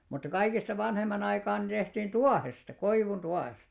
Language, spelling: Finnish, mutta kaikista vanhemman aikaan ne tehtiin tuohesta koivun tuohesta
- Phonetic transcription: mutta 'kaikista 'vanhemman ‿aikaan ne tehtiin "tuahesta , 'koivun 'tuahesta .

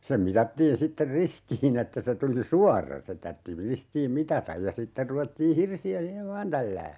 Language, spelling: Finnish, sen mitattiin sitten ristiin että se tuli suora se tarvitsi ristiin mitata ja sitten ruvettiin hirsiä siihen vain tälläämään
- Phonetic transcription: sem 'mitattiin 'sitter "ristii'n ‿että se 'tuli "suarra se 'tartti 'ristiim "mitataj ja 'sitter 'ruvettii "hirsi₍ä 'siihev "vaan tällää .

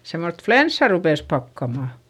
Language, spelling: Finnish, semmoista flunssaa rupesi pakkamaan
- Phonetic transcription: semmost flenssa rupès pakkamà .

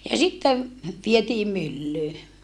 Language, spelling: Finnish, ja sitten vietiin myllyyn
- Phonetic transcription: ja sittev , vietii myllyy .

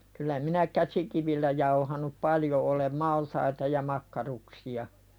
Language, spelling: Finnish, kyllä minä käsikivillä jauhanut paljon olen maltaita ja makkaruksia
- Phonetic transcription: kyl̆lä minä 'käsikivillä jauhanup "paljo ’olem "maltaita ja 'makkaruksi₍a .

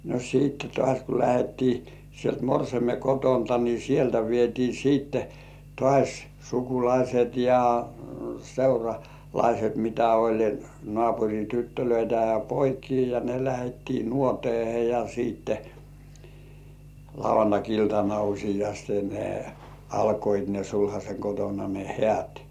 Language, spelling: Finnish, no sitten taas kun lähdettiin sieltä morsiamen kotoa niin sieltä vietiin sitten taas sukulaiset ja seuralaiset mitä oli naapurin tyttöjä ja poikia ja ne lähdettiin nuoteeseen ja sitten lauantai-iltana useasti ne alkoivat ne sulhasen kotona ne häät
- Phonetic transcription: no 'siitte tŏàś ku lähettii sielt 'morseime "kotonta ni "sieltä vietii 'siitte , tŏàś "sukulaiset ja , "seura'laiset mitä oĺ , "nŏàpuŕi 'tyttölöitä ja 'poikii ja ne 'lähettii "nuot̜ĭèhe ja siitte , 'lauv̆vantak₍iltana uśijaste ne 'alkoit ne sulhaśeŋ kotona ne "hĕä̀t .

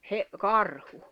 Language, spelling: Finnish, - karhu
- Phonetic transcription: he- , "karhu .

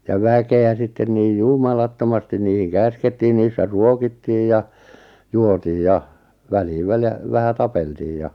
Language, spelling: Finnish, ja väkeä sitten niin jumalattomasti niihin käskettiin niissä ruokittiin ja juotiin ja väliin väliä vähän tapeltiin ja
- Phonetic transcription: ja 'väke₍ä 'sitten niij "jumalattomastin niihiŋ 'käskettii niissä 'ruokittiij ja , 'juotiij ja , 'väliiv 'välʲᵃ̈ , 'vähä "tapeltiij ja ,.

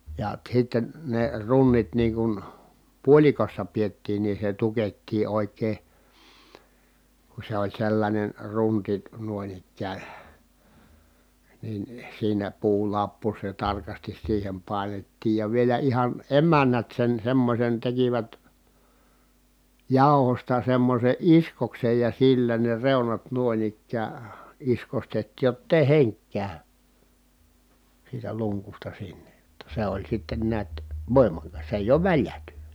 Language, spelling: Finnish, ja sitten ne runnit niin kuin puolikossa pidettiin niin se tukettiin oikein kun se oli sellainen runti noin ikään niin siinä puulappu se tarkasti siihen painettiin ja vielä ihan emännät sen semmoisen tekivät jauhoista semmoisen iskoksen ja sillä ne reunat noin ikään iskostettiin jotta ei henki käy siitä lunkusta sinne jotta se oli sitten näet voimakas se ei ole väljähtynyt
- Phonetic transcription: ja sitten , ne runnit niiŋ kun , puoĺikossa piettiin nii se tukettii òi̮k̀ee , ku se ‿oĺ sellańen runti nuoⁱn ‿ikkään̬ , nin , siinä puulappu se tarkastis siihem pài̮nettiij ja vielä ihan , emännät sen semmosen tekivät , jàu̬hosta semmose ʼiskoksej ja sillä ne reunat nuᵒin ‿ik̆kää , iskostettiij jott ‿èi heŋk kä̀y , siitä luŋkusta sinne , [jot]ta se oĺ sitten niät , vòimaka(s) se èij ‿oov väljähtyNY .

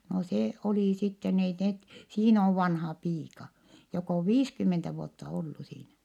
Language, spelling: Finnish, no se oli sitten ei ne siinä on vanha piika joka on viisikymmentä vuotta ollut siinä
- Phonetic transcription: no se , olì sitten ‿ei net , siin ‿ov vanhaa piika , jok ‿ov viiskymmentä vuotta ollu siinä .

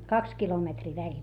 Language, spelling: Finnish, kaksi kilometriä väliä
- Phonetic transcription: kaks kilometrii väĺ .

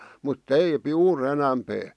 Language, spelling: Finnish, mutta - juuri enempää
- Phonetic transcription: mut't ‿eip- , "juur enämpee .

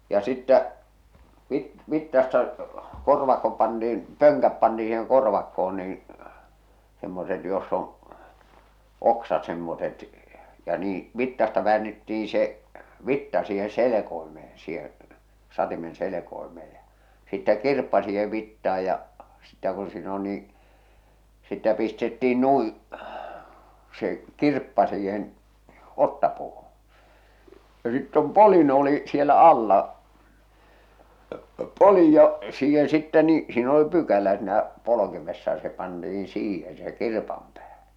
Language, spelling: Finnish, ja sitten - vitsasta korvakko pantiin pönkät pantiin siihen korvakkoon niin semmoiset jossa on oksat semmoiset ja niin vitsasta väännettiin se vitsa siihen selkoimeen siihen satimen selkoimeen ja sitten kirppa siihen vitsaan ja sitten kun siinä on niin sitten pistettiin noin se kirppa siihen otsapuuhun ja sitten on poljin oli siellä alla poljin ja siihen sitten niin siinä oli pykälä sinä polkimessa ja se pantiin siihen se kirpan päähän
- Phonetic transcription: ja sittä , vit- , 'vittasta , 'korvakko pantiin , 'pöŋkäp panti₍i siiheŋ 'korvakko₍on niiḭ , semmoset joss ‿on̬ , 'oksat semmoset , ja nii , 'vittasta väännettiin̬ se , 'vitta siihen̬ 'selekoimee siheḛ , 'satimen 'selekoimee ᴊᴀ , sittä 'kirppa siihev vittaaj ja , sittä kun siin ‿on nii , sittä pistettiin 'nui , se , "kirppa siihen , 'ottapuuhuṵ , ja sitt ‿om "polin oli , 'sielä 'alla , "polij ja , siihen sittɛ nii , siin ‿oli 'pykälä sɪ̳nä , 'polokimessa ja se panti₍iḭ "siihen se 'kirpam päähᴀ̈ .

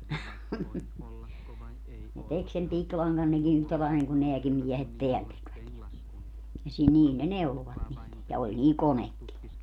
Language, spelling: Finnish, ne teki sen pikilangan nekin yhtä lailla niin kuin nämäkin miehet täällä tekivät ja ja sillä niillä ne neuloivat niitä ja oli niillä konekin
- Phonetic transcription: ne 'tek sem 'piklaŋgan neki yhtä lail niŋ ku 'neäkim miɛhet "teäl 'tekvät ja , ja sil 'niil ne "neulovat niit , ja 'oĺ niil "konekki .

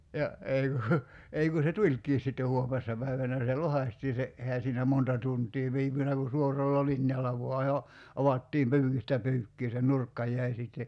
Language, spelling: Finnish, ja ja ei kun ei kun se tulikin sitten huomenessa päivänä se lohkaistiin se eihän siinä monta tuntia viipynyt kun suoralla linjalla vain jo avattiin pyykistä pyykkiin se nurkka jäi sitten
- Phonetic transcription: 'ja , ja , 'ei ku , 'ei ku se "tuĺk̀iis sitte 'huomessa päivänä se "lohaśtii se , '’ehä siinä "monta tunt̀ii 'viipynä ku 'suoralla "linjalla voa jo , 'avattiim 'pyykistä "pyykkii se 'nurkka j̀äi sitte ,.

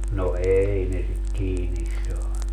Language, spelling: Finnish, no ei ne sitä kiinni saanut
- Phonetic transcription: no "ei ne sit "kiinis 'saanu .

